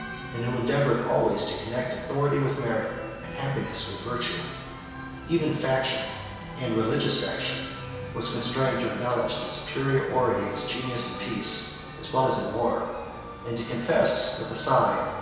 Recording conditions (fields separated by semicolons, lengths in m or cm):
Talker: one person; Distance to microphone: 1.7 m; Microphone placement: close; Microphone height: 1.0 m; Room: very reverberant, large; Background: music